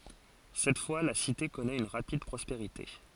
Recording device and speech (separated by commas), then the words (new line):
forehead accelerometer, read sentence
Cette fois la cité connaît une rapide prospérité.